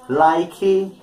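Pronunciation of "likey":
'Like' is pronounced incorrectly here: the end of the word is overpronounced.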